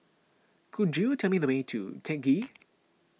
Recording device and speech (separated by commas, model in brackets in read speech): mobile phone (iPhone 6), read sentence